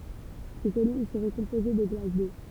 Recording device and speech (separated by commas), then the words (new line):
temple vibration pickup, read sentence
Ces collines seraient composées de glace d’eau.